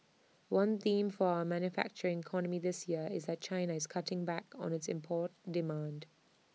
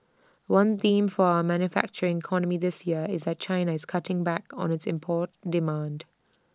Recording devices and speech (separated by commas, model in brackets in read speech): mobile phone (iPhone 6), standing microphone (AKG C214), read sentence